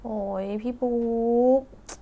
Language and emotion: Thai, frustrated